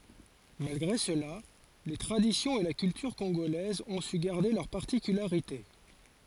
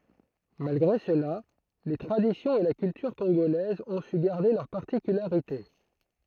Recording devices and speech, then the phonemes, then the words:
forehead accelerometer, throat microphone, read sentence
malɡʁe səla le tʁaditjɔ̃z e la kyltyʁ kɔ̃ɡolɛzz ɔ̃ sy ɡaʁde lœʁ paʁtikylaʁite
Malgré cela, les traditions et la culture congolaises ont su garder leurs particularités.

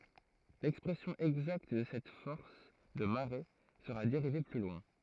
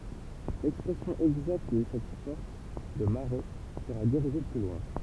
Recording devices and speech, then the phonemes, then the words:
throat microphone, temple vibration pickup, read sentence
lɛkspʁɛsjɔ̃ ɛɡzakt də sɛt fɔʁs də maʁe səʁa deʁive ply lwɛ̃
L'expression exacte de cette force de marée sera dérivée plus loin.

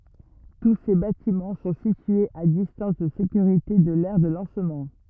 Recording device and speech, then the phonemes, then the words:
rigid in-ear microphone, read sentence
tu se batimɑ̃ sɔ̃ sityez a distɑ̃s də sekyʁite də lɛʁ də lɑ̃smɑ̃
Tous ces bâtiments sont situés à distance de sécurité de l'aire de lancement.

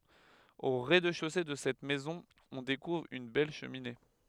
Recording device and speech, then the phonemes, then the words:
headset microphone, read sentence
o ʁɛzdɛʃose də sɛt mɛzɔ̃ ɔ̃ dekuvʁ yn bɛl ʃəmine
Au rez-de-chaussée de cette maison on découvre une belle cheminée.

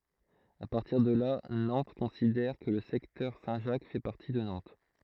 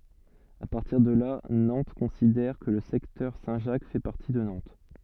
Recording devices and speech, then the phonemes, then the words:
throat microphone, soft in-ear microphone, read sentence
a paʁtiʁ də la nɑ̃t kɔ̃sidɛʁ kə lə sɛktœʁ sɛ̃tʒak fɛ paʁti də nɑ̃t
À partir de là, Nantes considère que le secteur Saint-Jacques fait partie de Nantes.

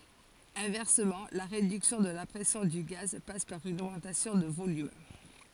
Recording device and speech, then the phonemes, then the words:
forehead accelerometer, read sentence
ɛ̃vɛʁsəmɑ̃ la ʁedyksjɔ̃ də la pʁɛsjɔ̃ dy ɡaz pas paʁ yn oɡmɑ̃tasjɔ̃ də volym
Inversement, la réduction de la pression du gaz passe par une augmentation de volume.

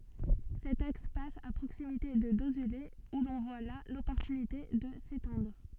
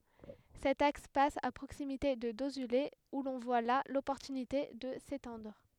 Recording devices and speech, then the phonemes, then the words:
soft in-ear microphone, headset microphone, read sentence
sɛt aks pas a pʁoksimite də dozyle u lɔ̃ vwa la lɔpɔʁtynite də setɑ̃dʁ
Cet axe passe à proximité de Dozulé où l'on voit là l'opportunité de s'étendre.

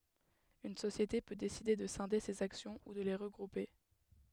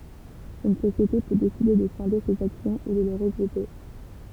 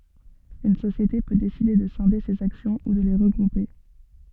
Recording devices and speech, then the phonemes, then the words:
headset microphone, temple vibration pickup, soft in-ear microphone, read sentence
yn sosjete pø deside də sɛ̃de sez aksjɔ̃ u də le ʁəɡʁupe
Une société peut décider de scinder ses actions ou de les regrouper.

